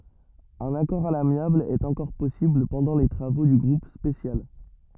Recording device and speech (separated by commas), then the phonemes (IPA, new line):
rigid in-ear microphone, read sentence
œ̃n akɔʁ a lamjabl ɛt ɑ̃kɔʁ pɔsibl pɑ̃dɑ̃ le tʁavo dy ɡʁup spesjal